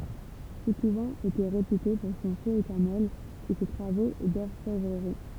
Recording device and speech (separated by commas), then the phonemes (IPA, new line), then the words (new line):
temple vibration pickup, read sentence
sə kuvɑ̃ etɛ ʁepyte puʁ sɔ̃ fø etɛʁnɛl e se tʁavo dɔʁfɛvʁəʁi
Ce couvent était réputé pour son feu éternel et ses travaux d'orfèvrerie.